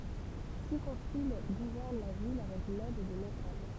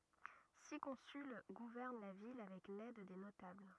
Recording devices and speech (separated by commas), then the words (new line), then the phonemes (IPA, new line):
temple vibration pickup, rigid in-ear microphone, read sentence
Six consuls gouvernent la ville avec l'aide des notables.
si kɔ̃syl ɡuvɛʁn la vil avɛk lɛd de notabl